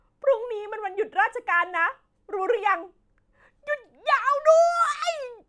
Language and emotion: Thai, happy